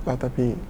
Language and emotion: Thai, sad